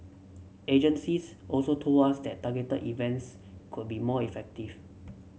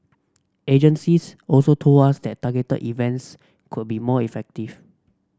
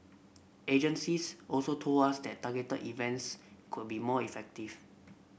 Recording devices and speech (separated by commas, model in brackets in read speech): mobile phone (Samsung C7), standing microphone (AKG C214), boundary microphone (BM630), read sentence